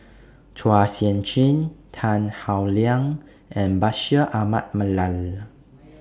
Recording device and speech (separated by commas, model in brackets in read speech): standing microphone (AKG C214), read sentence